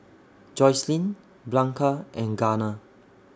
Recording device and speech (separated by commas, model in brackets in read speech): standing microphone (AKG C214), read sentence